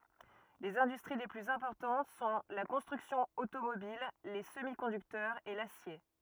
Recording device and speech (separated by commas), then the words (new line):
rigid in-ear microphone, read sentence
Les industries les plus importantes sont la construction automobile, les semi-conducteurs et l'acier.